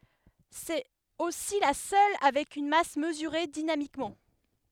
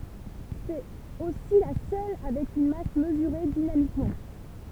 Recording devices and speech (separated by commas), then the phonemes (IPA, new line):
headset microphone, temple vibration pickup, read sentence
sɛt osi la sœl avɛk yn mas məzyʁe dinamikmɑ̃